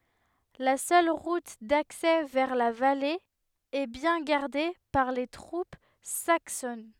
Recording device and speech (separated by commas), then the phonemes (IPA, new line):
headset microphone, read sentence
la sœl ʁut daksɛ vɛʁ la vale ɛ bjɛ̃ ɡaʁde paʁ le tʁup saksɔn